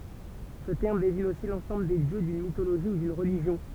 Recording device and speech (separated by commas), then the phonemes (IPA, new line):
temple vibration pickup, read sentence
sə tɛʁm deziɲ osi lɑ̃sɑ̃bl de djø dyn mitoloʒi u dyn ʁəliʒjɔ̃